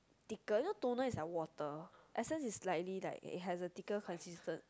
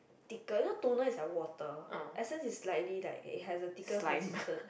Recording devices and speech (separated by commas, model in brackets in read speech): close-talking microphone, boundary microphone, conversation in the same room